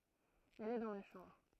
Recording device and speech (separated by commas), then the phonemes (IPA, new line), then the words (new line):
throat microphone, read sentence
ɛl ɛ dɑ̃ ma ʃɑ̃bʁ
Elle est dans ma chambre.